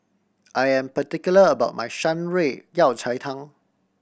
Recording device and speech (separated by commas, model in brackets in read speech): boundary microphone (BM630), read sentence